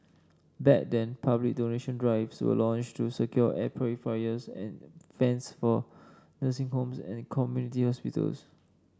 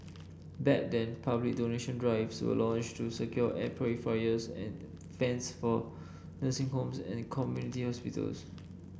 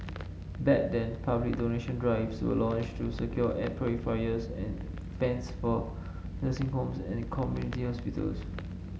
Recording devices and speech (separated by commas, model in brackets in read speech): standing microphone (AKG C214), boundary microphone (BM630), mobile phone (Samsung S8), read sentence